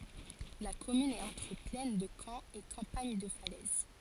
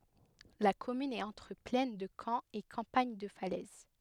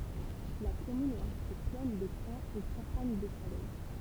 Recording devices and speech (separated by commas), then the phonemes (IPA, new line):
forehead accelerometer, headset microphone, temple vibration pickup, read sentence
la kɔmyn ɛt ɑ̃tʁ plɛn də kɑ̃ e kɑ̃paɲ də falɛz